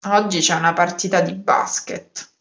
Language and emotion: Italian, disgusted